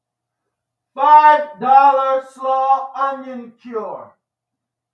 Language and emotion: English, neutral